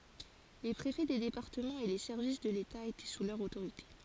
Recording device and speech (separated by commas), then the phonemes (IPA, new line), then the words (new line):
forehead accelerometer, read sentence
le pʁefɛ de depaʁtəmɑ̃z e le sɛʁvis də leta etɛ su lœʁ otoʁite
Les préfets des départements et les services de l’État étaient sous leur autorité.